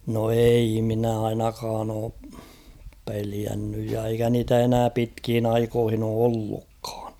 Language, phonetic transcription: Finnish, no 'ei minä 'ainakaan ‿oo , 'peliännyj ja eikä niitä 'enää "pitkhin ‿''aikohin ‿oo 'ollukkᴀᴀɴ .
- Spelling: no ei minä ainakaan ole pelännyt ja eikä niitä enää pitkiin aikoihin ole ollutkaan

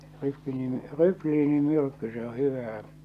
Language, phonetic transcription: Finnish, ryklii- , 'rykliini'myrkky se o 'hyvää .
- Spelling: - rykniinimyrkky se on hyvää

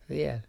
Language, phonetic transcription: Finnish, viɛl .
- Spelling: vielä

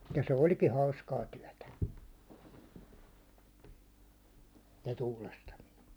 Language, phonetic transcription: Finnish, ja se "oĺki 'hauskaa 'tyäₒtä , se tuulastamine .
- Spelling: ja se olikin hauskaa työtä se tuulastaminen

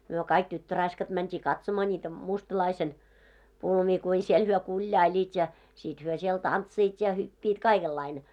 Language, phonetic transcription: Finnish, myö 'kaik 'tyttöraiskat mänt́ii "katsoma ńiitä 'mustᵃlaisen , 'pulmii kui siel hyö 'kuĺjaiĺiit ja , sit hyö siel 'tantsiit ja hyppiit "kaikellaine .
- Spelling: me kaikki tyttöraiskat mentiin katsomaan niitä mustalaisen pulmia kuinka siellä he kuljailivat ja sitten he siellä tanssivat ja hyppivät kaikenlainen

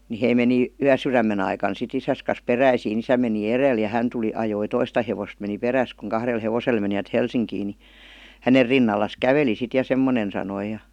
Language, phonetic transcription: Finnish, ni 'hei meni , "yäsyrämmen ‿aikan si't ‿isäs kas 'peräisii"n ‿isä meni "erèl ja 'hän tuli 'ajoi "toista hevost meni "peräs kuŋ 'kahrel 'hevosel menivät "Helsiŋkii ni , 'häner rinnallas "käveli sit ja 'semmonen sanoi ja .
- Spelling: niin he meni yösydämen aikana sitten isänsä kanssa peräisin isä meni edellä ja hän tuli ajoi toista hevosta meni perässä kun kahdella hevosella menivät Helsinkiin niin hänen rinnallaan käveli sitten ja semmoinen sanoi ja

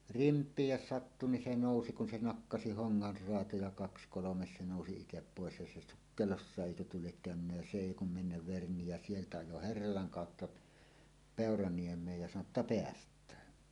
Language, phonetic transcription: Finnish, rimp̀iij 'jos 'sattu ni 'se "nòusi kun 'se "nakkasi "hoŋŋar 'roatoja kaks kolomes se 'nòusi 'itep "pòes ja se "sukkelossàeˀ "ˀèikö tuo liek käönynnä jä "se "èi kum 'mennäv 'verni jä 'sieltä 'ajo "herralaŋ 'kàotta , "Pèoraniem̀eej ja sano ‿tta » "peäst̀ään « .
- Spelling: rimpiin jos sattui niin se nousi kun se nakkasi hongan raatoja kaksi kolme se nousi itse pois ja se sukkelossakin eikö tuo lie käynyt ja se ei kuin mennä verni ja sieltä ajoi herralan kautta Peuraniemeen ja sanoi jotta päästään

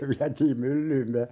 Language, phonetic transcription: Finnish, se 'viätiim "myllyy (- -) ,.
- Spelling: se vietiin myllyyn

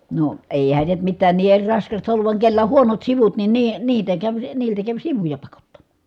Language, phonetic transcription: Finnish, no , èihän̬ se mittään ni eŕ raskasta olluv vaŋ kellä o(h) huonot sivut nin nii- , niitä käv niiltä käv sivuja pakottammA .
- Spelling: no eihän se mitään niin eri raskasta ollut vaan kenellä on huonot sivut niin - niitä kävi niiltä kävi sivuja pakottamaan

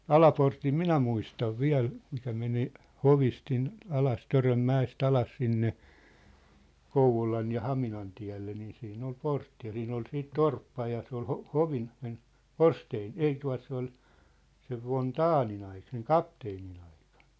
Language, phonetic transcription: Finnish, Alaportim "minä muistav "viäl , mikä meni , "hovist sin , alas 'Töröm'mä₍es't ‿alas sinne , 'Kouv̀olan̳ ja 'Haminan tiä̭lle nii siin ‿ol 'portti ja siin ‿ol siit "torppa ja se ‿ol 'ho- , 'hovin (sen) , "Vorsteen , 'ei tua̭t se ‿ol , sev von "Taanin‿ ai- seŋ "kapteenin ‿ᴀɪkᴀɴ .
- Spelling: Alaportin minä muistan vielä mikä meni hovista sinne alas Törönmäestä alas sinne Kouvolan ja Haminan tielle niin siinä oli portti ja siinä oli sitten torppa ja se oli - hovin sen Forsténin ei tuota se oli sen von Daehnin - sen kapteenin aikana

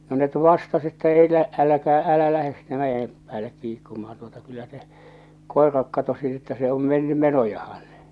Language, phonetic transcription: Finnish, no net 'vastas että » 'elä , 'äläkää 'älä lähes sinne 'mäjem , 'päällek 'kiikkumahan tuota kyllä se , 'kòeraek katosi että se om 'menny "menojahan « .
- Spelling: no ne vastasi että älä älkää älä lähde sinne mäen päälle kiikkumaan tuota kyllä se koirakin katosi että se on mennyt menojaan

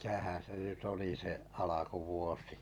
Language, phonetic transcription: Finnish, 'mitähää̰ se ’nyt "oli se , "’alakuvuosi ?
- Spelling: mitähän se nyt oli se alkuvuosi

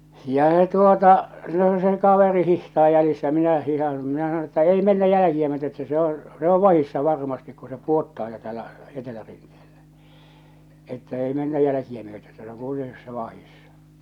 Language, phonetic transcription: Finnish, ja se tuota , no se 'kaveri 'hihtaa jälissä ja 'minä 'hihan̬ , minä sanon̬ että , » 'ei mennä 'jäläkiä myöte että se oo̰ , se ‿o "vahissa "varmastik ku se "puottaa jo täällä , 'etelärintᴇᴇʟʟᴀ̈ , että 'ei 'mennä 'jäläkiä myöte että se oŋ 'kuiten (tuo)ssa 'vahissa « .
- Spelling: ja se tuota no se kaveri hiihtää jäljessä ja minä hiihdän minä sanon että ei mennä jälkiä myöten että se on se on vahdissa varmasti kun se pudottaa jo täällä etelärinteellä että ei mennä jälkiä myöten että se on kuitenkin tuossa vahdissa

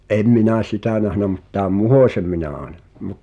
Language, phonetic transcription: Finnish, ’em 'minä̀ "sitä̀ nähnä mut tääm "Muhòśem minä aaᵉna .
- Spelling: en minä sitä nähnyt mutta tämän Muhosen minä aina

